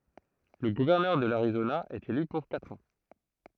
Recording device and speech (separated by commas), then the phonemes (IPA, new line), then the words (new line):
throat microphone, read sentence
lə ɡuvɛʁnœʁ də laʁizona ɛt ely puʁ katʁ ɑ̃
Le gouverneur de l'Arizona est élu pour quatre ans.